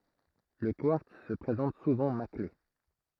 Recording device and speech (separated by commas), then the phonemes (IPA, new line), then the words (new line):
throat microphone, read sentence
lə kwaʁts sə pʁezɑ̃t suvɑ̃ makle
Le quartz se présente souvent maclé.